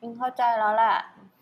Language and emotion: Thai, sad